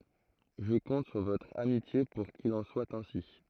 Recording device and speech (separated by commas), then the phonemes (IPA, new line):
throat microphone, read sentence
ʒə kɔ̃t syʁ votʁ amitje puʁ kil ɑ̃ swa ɛ̃si